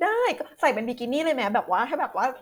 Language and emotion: Thai, happy